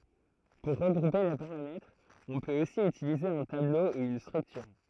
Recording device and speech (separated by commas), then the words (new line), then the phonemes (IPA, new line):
throat microphone, read sentence
Pour regrouper les paramètres, on peut aussi utiliser un tableau ou une structure.
puʁ ʁəɡʁupe le paʁamɛtʁz ɔ̃ pøt osi ytilize œ̃ tablo u yn stʁyktyʁ